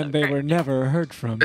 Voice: in a dramatic voiceover tone